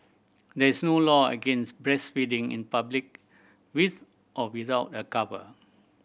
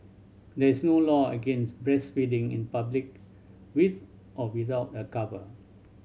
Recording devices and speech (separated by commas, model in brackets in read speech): boundary microphone (BM630), mobile phone (Samsung C7100), read sentence